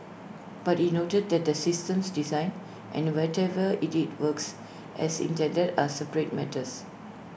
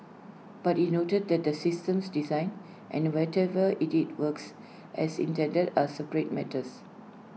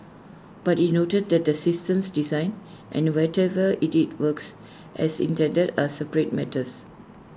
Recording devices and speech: boundary microphone (BM630), mobile phone (iPhone 6), standing microphone (AKG C214), read sentence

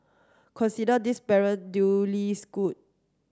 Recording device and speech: standing microphone (AKG C214), read sentence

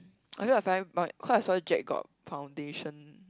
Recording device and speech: close-talking microphone, conversation in the same room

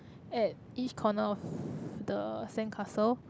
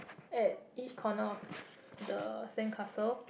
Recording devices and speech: close-talking microphone, boundary microphone, conversation in the same room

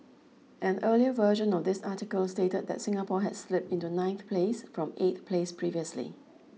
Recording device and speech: mobile phone (iPhone 6), read sentence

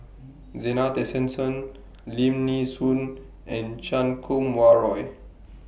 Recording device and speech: boundary microphone (BM630), read sentence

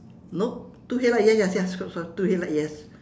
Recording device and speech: standing microphone, conversation in separate rooms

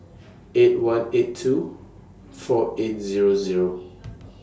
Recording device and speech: standing microphone (AKG C214), read sentence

